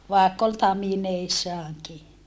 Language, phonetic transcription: Finnish, vàekk ‿ol tamineissaaŋki .
- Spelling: vaikka oli tamineissaankin

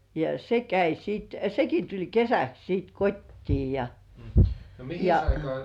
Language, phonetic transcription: Finnish, ja 'se "käi siit , "seki tuĺ 'kesäks siit 'kottii ja , ja ,.
- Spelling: ja se kävi sitten sekin tuli kesäksi sitten kotiin ja ja

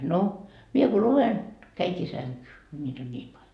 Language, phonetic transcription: Finnish, no , 'mie ko "luven , 'käiŋkii 'säŋkyy , ko ńiit ‿on 'ńiim paĺ .
- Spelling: no minä kun luen kävinkin sänkyyn kun niitä on niin paljon

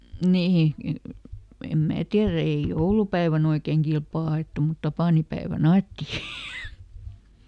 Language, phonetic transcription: Finnish, ˈnihi , em ˈmää tiärä ei "joulupäiväˈn ‿oikeŋ "kilpaa ˈa₍èttu mut ˈtapànipäevä"n ‿aetti !
- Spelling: niin en minä tiedä ei joulupäivänä oikein kilpaa ajettu mutta tapaninpäivänä ajettiin

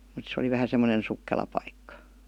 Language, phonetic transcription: Finnish, mut se oli 'vähä semmonen 'sukkela paikka .
- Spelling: mutta se oli vähän semmoinen sukkela paikka

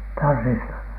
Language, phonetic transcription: Finnish, tanssista ?
- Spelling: tansseista

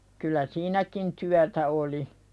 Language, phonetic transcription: Finnish, kyl̆lä "siinäkin 'tyätä oli .
- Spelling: kyllä siinäkin työtä oli

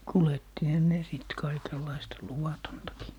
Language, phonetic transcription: Finnish, 'kulettihɔ ne 'sìt 'kaikellaista "luwatontakii .
- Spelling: kuljettihan ne sitten kaikenlaista luvatontakin

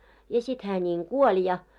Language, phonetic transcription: Finnish, ja sit hää ńiŋ "kuoĺ ja .
- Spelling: ja sitten hän niin kuoli ja

